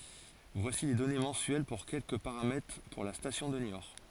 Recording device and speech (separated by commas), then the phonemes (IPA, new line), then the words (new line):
forehead accelerometer, read sentence
vwasi le dɔne mɑ̃syɛl puʁ kɛlkə paʁamɛtʁ puʁ la stasjɔ̃ də njɔʁ
Voici les données mensuelles pour quelques paramètres pour la station de Niort.